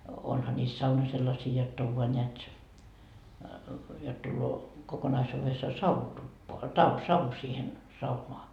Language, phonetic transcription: Finnish, 'onha ńiis 'sauna sellasii jot't ‿ov voa ńeät , jot tulloo , 'kokonaisuuvessoa "sauhu 'tuppoa , ta- , 'savu siihen , "saunoa .
- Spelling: onhan niissä sauna sellaisia jotta on vain näet jotta tulee kokonaisuudessaan sauhu tupaan - savu siihen saunaan

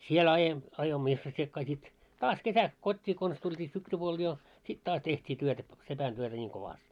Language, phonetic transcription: Finnish, siel aje- , ajoimmo isvossiekkaa sit , 'taas 'kesäks 'kot́t́ii kons tult́ii 'syksypuol jo , 'sit 'taas teht́ii työtä ‿p- 'sepän työtä ńiiŋ 'kovast .
- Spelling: siellä - ajoimme isvossikkaa sitten taas kesäksi kotiin konsa tultiin syksypuolella jo sitten taas tehtiin työtä - sepän työtä niin kovasti

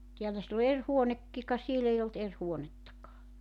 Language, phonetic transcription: Finnish, 'tiälä sill ‿o 'er "huonekki ka 'siel ‿ei olt 'er 'huonettakaa .
- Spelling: täällä sillä on eri huonekin ka siellä ei ollut eri huonettakaan

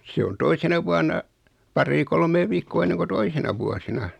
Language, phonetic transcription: Finnish, 'se on "toisena vuana , 'parrii 'kolmee viikkoo enneŋ ko "toisena 'vuosina .
- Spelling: se on toisena vuonna paria kolmea viikkoa ennen kuin toisina vuosina

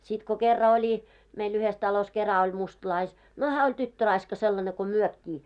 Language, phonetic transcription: Finnish, sit ko 'kerra oĺi , meil 'yhes talos 'kera oĺ 'mustlais- , no 'hää oĺ 'tyttöraiska sellane ko 'myökkii .
- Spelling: sitten kun kerran oli meillä yhdessä talossa kerran oli - no hän oli tyttöraiska sellainen kuin mekin

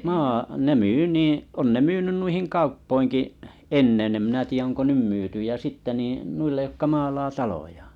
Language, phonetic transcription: Finnish, 'maa- , ne 'myy 'nìiḭ , on ne 'myynyn nuihiŋ 'kauppoiŋki’ , 'ennen em minä tiijä oŋko "nym 'myyty ja 'sitte niḭ , 'nuillej jokka 'maalaa 'talojᴀᴀ .
- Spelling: - ne myy niin on ne myynyt noihin kauppoihinkin ennen en minä tiedä onko nyt myyty ja sitten niin noille jotka maalaa talojaan

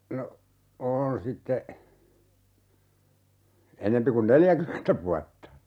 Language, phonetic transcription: Finnish, no , 'on sitte , 'enempi kun "neljäkymentä vuatta .
- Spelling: no on sitten enempi kuin neljäkymmentä vuotta

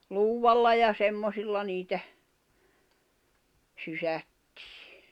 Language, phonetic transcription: Finnish, 'luuwvalla ja "semmosilla niitä , 'sysättɪɪ .
- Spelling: luudalla ja semmoisilla niitä sysättiin

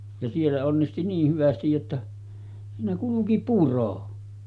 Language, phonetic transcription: Finnish, ja siellä onnisti 'niih 'hyvästij jotta , siinä 'kuluki "puro .
- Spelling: ja siellä onnisti niin hyvästi jotta siinä kulki puro

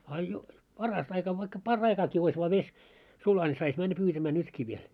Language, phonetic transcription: Finnish, a jo , 'parast ‿aika vaikka 'par'raikaaki ois vaa 'ves , 'sula ńi 'sais männä 'pyytämää 'nytki viel .
- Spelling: a jo parasta aika vaikka par'aikaakin olisi vain vesi sula niin saisi mennä pyytämään nytkin vielä

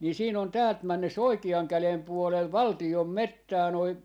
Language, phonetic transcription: Finnish, ni 'siin ‿on 'täält 'männes "oikiaŋ 'kälem puolel "valtiom "mettää noi , .
- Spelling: niin siinä on täältä mennessä oikean käden puolella valtion metsää noin

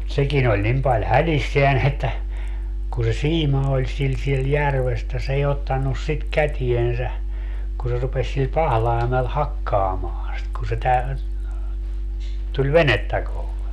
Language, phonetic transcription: Finnish, mut 'sekin ‿oĺ 'nim paĺ "hälisseän että , kun̬ se "siima oĺ 'sil siel 'järves että s ‿ei 'ottannus 'sit "kätiensä , ku se 'rupeś sil "pahlai̮mel "hakkaamaaa̰ sit kun̬ se tä- , 'tuĺ "venettä kohle .
- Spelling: mutta sekin oli niin paljon hädissään että kun se siima oli sillä siellä järvessä että se ei ottanut sitä käteensä kun se rupesi sillä pahlaimella hakkaamaan sitä kun se - tuli venettä kohden

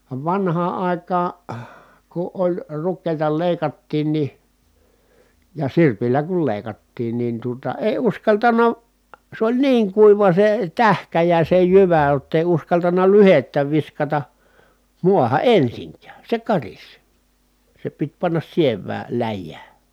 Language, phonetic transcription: Finnish, va vanhaa ài̮kaa , ku ʼoĺ rukkèi̮ta lèi̮kattiin ni , ja sirpillä kul lèi̮kattiin nin tuota èi̮ uskaltana , s ‿oĺ niiŋ kuiva se tähkä ja se jyvä [j]ott ‿èi uskaltaǹa lyhettä viskata , muaha ʼensiŋkää , se karis , se pit pannas siev̆vää , läjjää .
- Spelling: vaan vanhaan aikaan kun oli rukiita leikattiin niin ja sirpillä kun leikattiin niin tuota ei uskaltanut se oli niin kuiva se tähkä ja se jyvä jotta ei uskaltanut lyhdettä viskata maahan ensinkään se karisi se piti panna sievään läjään

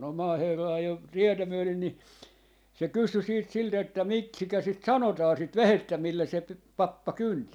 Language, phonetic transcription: Finnish, no "maaherra 'ajo "tietä myölen ni , 'se "kysy siit 'silt ‿että » "miksikä 'sit "sanotaa 'sit "vehettä 'millä se pe- , "pappa "kynti » .
- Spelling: no maaherra ajoi tietä myöden niin se kysyi sitten siltä että miksikä sitä sanotaan sitä vehjettä millä se - pappa kynti

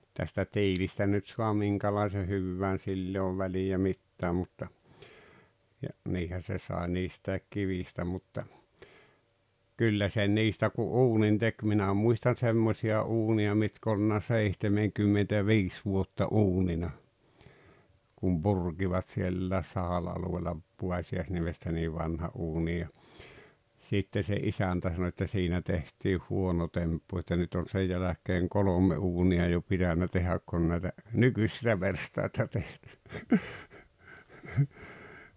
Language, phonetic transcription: Finnish, tästä "tiilistä nyt sua 'miŋkälaise 'hyvvään 'sill ‿e ov väli₍ä "mittää mutta , ja , 'niihä se sàe 'niist̀ä̀ek kivìstä mutta , 'kyllä sen 'niistä ku "’uunin "tek minä 'muistan̬ 'semmośi₍a "’uuni₍a mitk ‿olʿˡᵘʾna "seihtemeŋkymmentä"viis vuotta "’uunina , kum "Burkivat siellä̀es 'Sahala alu₍eella , ('Puasi₍aisniemestä) 'niiv 'vanha '’uuni ja , 'sitte se "’isäntä sano että » 'siinä tehtiih "huono 'temppu että 'nyt on̬ 'sej jäläk̀eeŋ "kolom̀e 'uuni₍a jo 'pitänä tehäk kun näitä , "nykysilä 'verstaita teh- - « .
- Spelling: tästä tiilestä nyt saa minkälaisen hyvänsä sillä ei ole väliä mitään mutta ja niinhän se sai niistä kivistä mutta kyllä sen niistä kun uunin teki minä muistan semmoisia uuneja mitkä ollut seitsemänkymmentäviisi vuotta uunina kun purkivat sielläkin Sahalan alueella Puosiaisniemestä niin vanhan uunin ja sitten se isäntä sanoi että siinä tehtiin huono temppu että nyt on sen jälkeen kolme uunia jo pitänyt tehdä kun näitä nykyisiä verstaita -

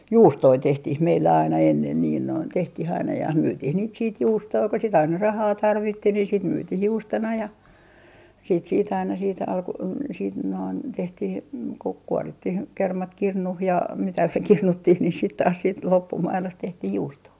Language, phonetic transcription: Finnish, "juustoi 'tehtih 'meillä aina ennen niin noin , 'tehtih ‿aina ja 'myytiih niit siit "juustoi ko sit 'aina "rahaa 'tarvitti ni sit 'myytih 'juustona ja , siit siit ‿aina siit alku- , siit noin 'tehtih , kuk 'kuɔrittih 'kermat 'kirnuh ja mitä "kirnuttih ni sit taas siit 'loppumailost 'tehtih "juustoo .
- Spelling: juustoja tehtiin meillä aina ennen niin noin tehtiin aina ja myytiin niitä sitten juustoja kun sitä aina rahaa tarvittiin niin sitten myytiin juustona ja siitä siitä aina siitä - siitä noin tehtiin kun kuorittiin kermat kirnuun ja mitä kirnuttiin niin sitten taas sitten loppumaidosta tehtiin juustoa

